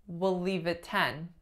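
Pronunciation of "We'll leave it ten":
In 'We'll leave at ten', the main stress falls on 'ten'.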